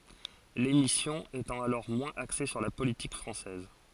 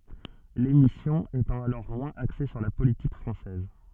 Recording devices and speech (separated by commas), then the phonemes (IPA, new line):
forehead accelerometer, soft in-ear microphone, read sentence
lemisjɔ̃ etɑ̃ alɔʁ mwɛ̃z akse syʁ la politik fʁɑ̃sɛz